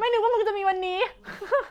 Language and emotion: Thai, happy